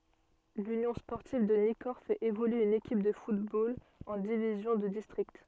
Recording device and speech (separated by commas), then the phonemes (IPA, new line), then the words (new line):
soft in-ear microphone, read sentence
lynjɔ̃ spɔʁtiv də nikɔʁ fɛt evolye yn ekip də futbol ɑ̃ divizjɔ̃ də distʁikt
L'Union sportive de Nicorps fait évoluer une équipe de football en division de district.